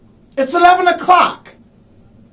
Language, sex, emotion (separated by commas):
English, male, angry